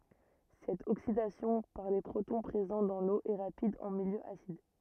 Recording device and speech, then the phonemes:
rigid in-ear microphone, read sentence
sɛt oksidasjɔ̃ paʁ le pʁotɔ̃ pʁezɑ̃ dɑ̃ lo ɛ ʁapid ɑ̃ miljø asid

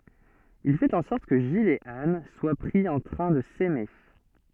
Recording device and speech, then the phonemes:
soft in-ear microphone, read sentence
il fɛt ɑ̃ sɔʁt kə ʒil e an swa pʁi ɑ̃ tʁɛ̃ də sɛme

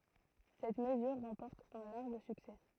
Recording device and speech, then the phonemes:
throat microphone, read sentence
sɛt məzyʁ ʁɑ̃pɔʁt œ̃ laʁʒ syksɛ

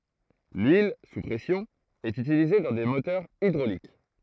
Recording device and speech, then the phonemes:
throat microphone, read sentence
lyil su pʁɛsjɔ̃ ɛt ytilize dɑ̃ de motœʁz idʁolik

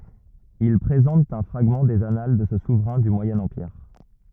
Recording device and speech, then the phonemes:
rigid in-ear microphone, read sentence
il pʁezɑ̃tt œ̃ fʁaɡmɑ̃ dez anal də sə suvʁɛ̃ dy mwajɛ̃ ɑ̃piʁ

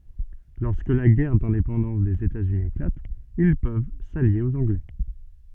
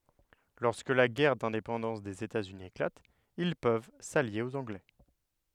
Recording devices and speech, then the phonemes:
soft in-ear microphone, headset microphone, read sentence
lɔʁskə la ɡɛʁ dɛ̃depɑ̃dɑ̃s dez etaz yni eklat il pøv salje oz ɑ̃ɡlɛ

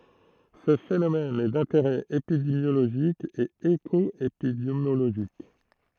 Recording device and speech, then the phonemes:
throat microphone, read sentence
sə fenomɛn ɛ dɛ̃teʁɛ epidemjoloʒik e ekɔepidemjoloʒik

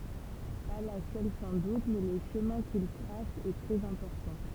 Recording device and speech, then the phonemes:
temple vibration pickup, read sentence
pa la sœl sɑ̃ dut mɛ lə ʃəmɛ̃ kil tʁas ɛ tʁɛz ɛ̃pɔʁtɑ̃

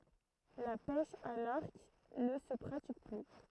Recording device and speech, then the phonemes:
throat microphone, read sentence
la pɛʃ a laʁk nə sə pʁatik ply

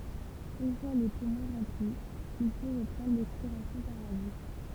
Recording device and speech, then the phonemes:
temple vibration pickup, read sentence
yn fwa le pumɔ̃ ʁɑ̃pli il fo ʁəpʁɑ̃dʁ lɛkspiʁasjɔ̃ paʁ la buʃ

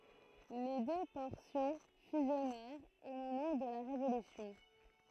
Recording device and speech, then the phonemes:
throat microphone, read sentence
le dø pɔʁsjɔ̃ fyzjɔnɛʁt o momɑ̃ də la ʁevolysjɔ̃

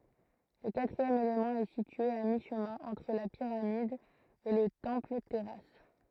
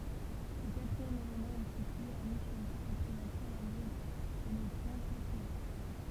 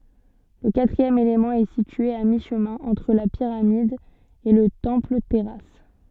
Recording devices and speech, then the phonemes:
throat microphone, temple vibration pickup, soft in-ear microphone, read sentence
lə katʁiɛm elemɑ̃ ɛ sitye a miʃmɛ̃ ɑ̃tʁ la piʁamid e lə tɑ̃plətɛʁas

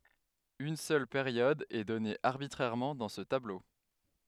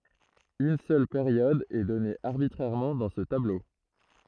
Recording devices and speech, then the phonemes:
headset microphone, throat microphone, read sentence
yn sœl peʁjɔd ɛ dɔne aʁbitʁɛʁmɑ̃ dɑ̃ sə tablo

